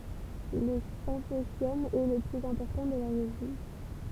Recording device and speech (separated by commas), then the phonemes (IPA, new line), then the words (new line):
temple vibration pickup, read sentence
lə sɛ̃pozjɔm ɛ lə plyz ɛ̃pɔʁtɑ̃ də la ʁeʒjɔ̃
Le symposium est le plus important de la région.